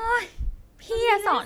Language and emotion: Thai, frustrated